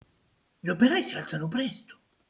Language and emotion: Italian, surprised